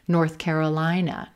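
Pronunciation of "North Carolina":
The stress falls on the second word, 'Carolina', and 'North' is not stressed.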